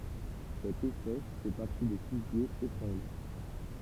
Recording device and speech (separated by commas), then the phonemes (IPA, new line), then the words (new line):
temple vibration pickup, read sentence
sɛt ɛspɛs fɛ paʁti de fiɡjez etʁɑ̃ɡlœʁ
Cette espèce fait partie des figuiers étrangleurs.